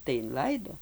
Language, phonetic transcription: Lithuanian, tai inˈlaido

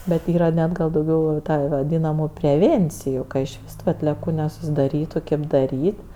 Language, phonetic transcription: Lithuanian, bet ˈyra ˈnet gal dauˈgiau jau ˈta vaˈdynamu preˈvėnciju iš ˈvis tu atlieˈkų nesusidaˈrytu ˈkėp daˈryt'

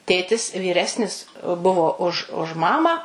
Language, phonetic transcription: Lithuanian, ˈtėtis vyˈresnis ˈbuvo už už ˈmamą

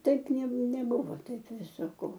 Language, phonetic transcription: Lithuanian, ˈtaip nė neˈbuvo ˈtaip ˈvisa ˈko

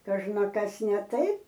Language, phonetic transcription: Lithuanian, kažnaˈkas ne ˈtaip

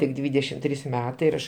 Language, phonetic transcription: Lithuanian, tik ˈdvydešim ˈtrys ˈmetai ir ˈaš

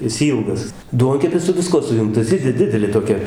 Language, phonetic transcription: Lithuanian, is ˈylgas ˈduonkepis su viˈskuo suˈjungtas ˈji di ˈdidelė toˈkia

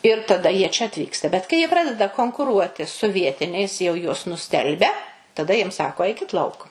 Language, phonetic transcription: Lithuanian, ir taˈda ˈjie čia atˈvyksta bet kai ˈjie ˈpradeda konkuˈruoti su ˈvietiniais jau ˈjuos nuˈstelbia taˈda jiem ˈsako ˈaikit ˈlauk

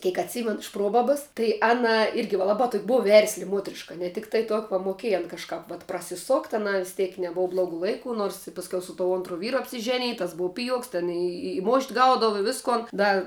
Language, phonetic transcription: Lithuanian, ˈkėk atˈsymenu iš ˈprobabas tai ˈana ˈirgi va ˈlaba tok' ˈbuv ˈversli ˈmuotriška ne ˈtiktai to va moˈkėj an kažˈkap vat prasiˈsokt' aˈnai vis ˈtiek neˈbova ˈblogu ˈlaiku ˈnors i pasˈkiau su to ˈontru ˈvyru apsiˈženij tas ˈbuu ˈpijuoks ten i i mošt' ˈgaudava i ˈviskon ˈda

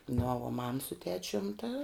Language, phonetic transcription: Lithuanian, no vuo mam su ˈtečium ta

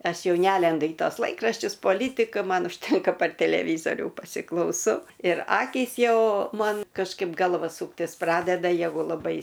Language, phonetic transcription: Lithuanian, ˈaš ˈjau ˈnælendu į tos ˈlaikraščius poˈlytika ˈman užˈtenka par teleˈvyzorių pasiklauˈsau ir ˈakys ˈjau ˈman kažˈkaip ˈgalva ˈsūktis ˈpradeda ˈjegu laˈbai

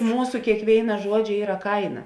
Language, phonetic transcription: Lithuanian, ˈmūsu kėkˈvėina ˈžuodžia ˈyra ˈkaina

